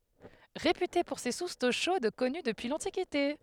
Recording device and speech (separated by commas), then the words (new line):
headset microphone, read sentence
Réputée pour ses sources d'eau chaude connues depuis l'Antiquité.